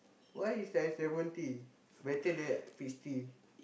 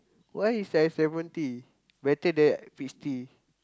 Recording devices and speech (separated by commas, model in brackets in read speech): boundary microphone, close-talking microphone, conversation in the same room